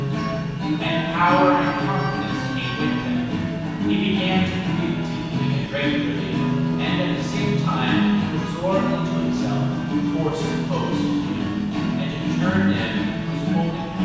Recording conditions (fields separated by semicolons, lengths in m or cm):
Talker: one person; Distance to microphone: 7.1 m; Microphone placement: far; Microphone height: 1.7 m; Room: very reverberant, large; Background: music